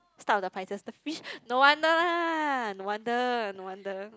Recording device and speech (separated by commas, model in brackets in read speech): close-talking microphone, conversation in the same room